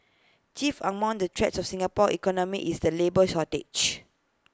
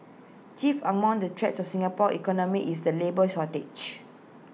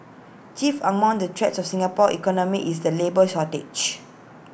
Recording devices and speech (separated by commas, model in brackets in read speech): close-talking microphone (WH20), mobile phone (iPhone 6), boundary microphone (BM630), read sentence